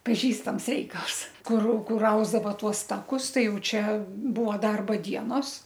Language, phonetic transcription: Lithuanian, paˈžįstams ˈreikals ˈkur ˈkur ˈausdava ˈtuos ˈtakus ˈtai ˈjau ˈčia ˈbua ˈdarba ˈdienos

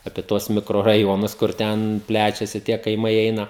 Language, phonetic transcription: Lithuanian, apie ˈtuos mikroraˈjonus kur ˈten ˈplečiasi tie kaiˈmai ˈeina

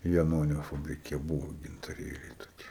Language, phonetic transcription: Lithuanian, jaˈnonio fabriˈke ˈbūvo gintaˈrėliai toˈkie

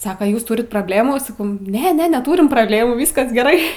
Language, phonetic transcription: Lithuanian, ˈsako ˈjūs ˈturit probˈlėmų saˈkau ˈne ˈne neˈtūrim prabˈlėmų ˈvyskas geˈrai

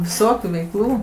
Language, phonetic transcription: Lithuanian, viˈsokių veikˈlų

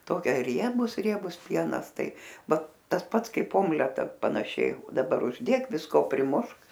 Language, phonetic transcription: Lithuanian, ˈtokia ˈriebus ˈriebus ˈpienas ˈtai ˈva ˈtas ˈpats ˈkaip ˈomleta panaˈšiai daˈbar užˈdėk visˈko priˈmušk

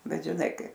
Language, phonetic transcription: Lithuanian, ˈbet žiˈnai ˈkaip

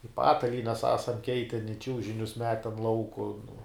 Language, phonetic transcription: Lithuanian, i ˈpatalynes ˈesam ˈkeiten i ˈčiūžinius ˈmeten ˈlauku nu

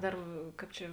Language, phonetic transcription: Lithuanian, ˈdar ˈkāp čia

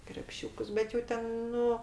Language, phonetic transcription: Lithuanian, krepˈšiūkus ˈbet jau ˈten ˈnu

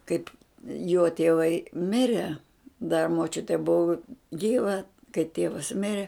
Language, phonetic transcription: Lithuanian, ˈkaip jo tieˈvai ˈmire da moˈčiute ˈbuvu ˈgyva kai ˈtievas ˈmire

